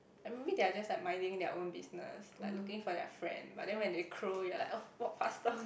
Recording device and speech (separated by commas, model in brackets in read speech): boundary microphone, conversation in the same room